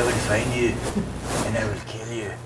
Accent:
scottish accent